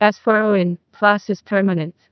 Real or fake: fake